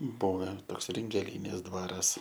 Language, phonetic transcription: Lithuanian, ˈbuve ˈtoks ringeˈlynės ˈdvaras

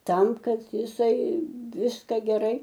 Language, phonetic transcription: Lithuanian, ˈtam ˈkad jiˈsai ˈviska geˈrai

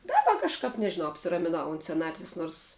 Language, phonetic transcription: Lithuanian, ˈdaba kažˈkap nežiˈnau apsiramiˈnau unt seˈnatvis ˈnors

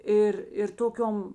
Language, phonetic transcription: Lithuanian, ˈir ir ˈtoˌkiom

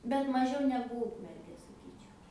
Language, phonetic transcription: Lithuanian, bet maˈžiau ˈnegu ˈūkmergė saˈkyčiau

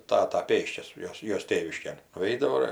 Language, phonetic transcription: Lithuanian, ˈtata ˈpėsčias ˈjos ˈjos ˈtėviškėn nuˈeidavo ir

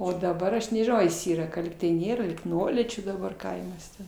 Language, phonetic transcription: Lithuanian, ˈo daˈbar ˈaš nežiˈnau ar jis ˈyra ka ˈlygtai ˈnėra lyg ˈnuolyčių daˈbar ˈkaimas ten

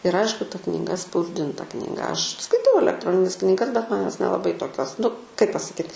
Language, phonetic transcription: Lithuanian, ir ˈaišku ta kniˈga spausˈdinta knyˈga aš skaiˈtau alekˈtronines kniˈgas bet ˈman ˈjos nelaˈbai toˈkios nu kaip pasaˈkyt

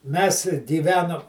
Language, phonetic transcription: Lithuanian, mes gyˈvenom

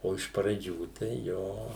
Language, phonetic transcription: Lithuanian, o iš praˈdžių tai ˈjo

